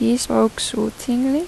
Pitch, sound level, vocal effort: 245 Hz, 82 dB SPL, soft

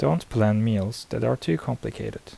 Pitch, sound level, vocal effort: 105 Hz, 77 dB SPL, soft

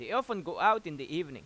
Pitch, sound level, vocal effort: 195 Hz, 96 dB SPL, loud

